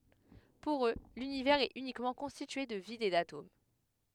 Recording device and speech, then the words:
headset microphone, read sentence
Pour eux, l'Univers est uniquement constitué de vide et d'atomes.

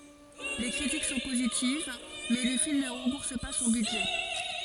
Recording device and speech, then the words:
forehead accelerometer, read sentence
Les critiques sont positives, mais le film ne rembourse pas son budget.

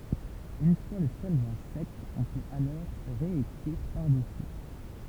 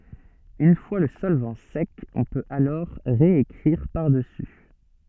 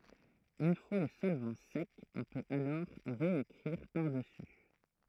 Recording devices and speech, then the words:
temple vibration pickup, soft in-ear microphone, throat microphone, read sentence
Une fois le solvant sec, on peut alors réécrire par-dessus.

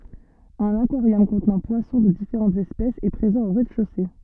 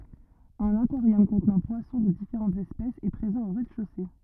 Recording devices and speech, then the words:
soft in-ear microphone, rigid in-ear microphone, read sentence
Un aquarium contenant poissons de différentes espèces est présent au rez-de-chaussée.

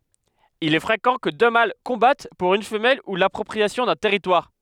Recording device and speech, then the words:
headset microphone, read sentence
Il est fréquent que deux mâles combattent pour une femelle ou l’appropriation d'un territoire.

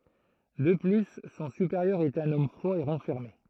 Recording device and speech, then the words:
throat microphone, read sentence
De plus, son supérieur est un homme froid et renfermé.

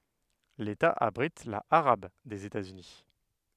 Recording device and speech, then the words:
headset microphone, read sentence
L'État abrite la arabe des États-Unis.

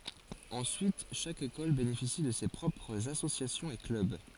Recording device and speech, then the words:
forehead accelerometer, read sentence
Ensuite chaque école bénéficie de ses propres associations et clubs.

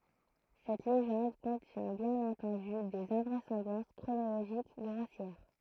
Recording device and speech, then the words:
throat microphone, read sentence
Cette légende contient bien entendu des invraisemblances chronologiques grossières!

